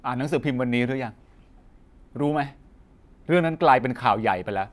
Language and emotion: Thai, frustrated